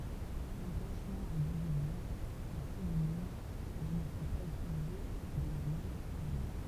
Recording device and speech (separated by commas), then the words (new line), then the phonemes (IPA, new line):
temple vibration pickup, read sentence
Embranchement et division sont synonymes mais ne sont pas utilisés dans les mêmes règnes.
ɑ̃bʁɑ̃ʃmɑ̃ e divizjɔ̃ sɔ̃ sinonim mɛ nə sɔ̃ paz ytilize dɑ̃ le mɛm ʁɛɲ